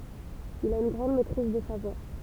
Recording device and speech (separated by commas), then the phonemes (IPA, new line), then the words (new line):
temple vibration pickup, read sentence
il a yn ɡʁɑ̃d mɛtʁiz də sa vwa
Il a une grande maîtrise de sa voix.